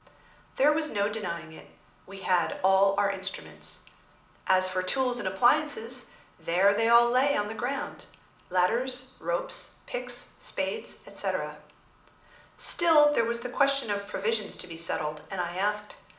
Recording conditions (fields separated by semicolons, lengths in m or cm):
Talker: one person; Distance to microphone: 2.0 m; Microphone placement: close; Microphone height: 99 cm; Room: medium-sized (5.7 m by 4.0 m); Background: none